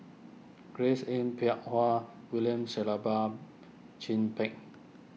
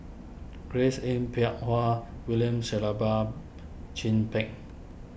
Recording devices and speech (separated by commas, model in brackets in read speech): mobile phone (iPhone 6), boundary microphone (BM630), read sentence